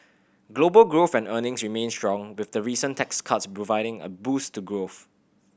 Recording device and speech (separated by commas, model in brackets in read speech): boundary microphone (BM630), read sentence